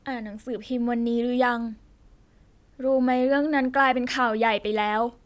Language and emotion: Thai, neutral